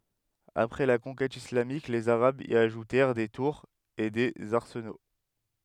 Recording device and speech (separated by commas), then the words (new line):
headset microphone, read sentence
Après la conquête islamique, les arabes y ajoutèrent des tours et des arsenaux.